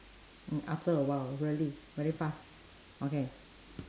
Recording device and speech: standing microphone, conversation in separate rooms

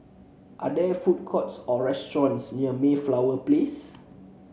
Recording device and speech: mobile phone (Samsung C7), read sentence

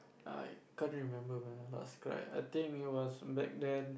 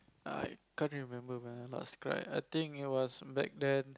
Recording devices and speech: boundary microphone, close-talking microphone, conversation in the same room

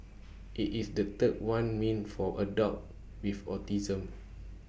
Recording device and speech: boundary microphone (BM630), read sentence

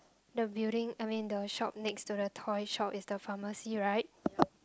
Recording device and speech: close-talking microphone, conversation in the same room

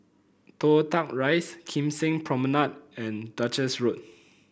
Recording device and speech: boundary microphone (BM630), read sentence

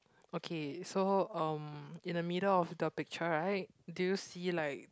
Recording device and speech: close-talking microphone, conversation in the same room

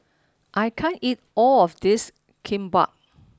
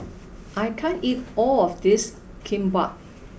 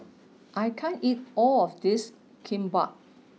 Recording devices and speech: standing microphone (AKG C214), boundary microphone (BM630), mobile phone (iPhone 6), read sentence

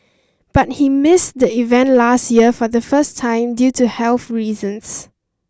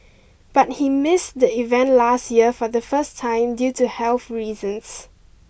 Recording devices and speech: standing microphone (AKG C214), boundary microphone (BM630), read sentence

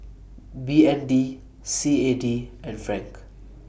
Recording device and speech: boundary microphone (BM630), read sentence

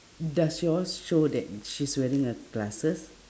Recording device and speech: standing microphone, conversation in separate rooms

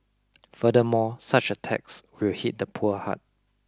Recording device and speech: close-talking microphone (WH20), read sentence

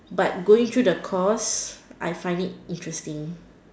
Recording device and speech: standing microphone, conversation in separate rooms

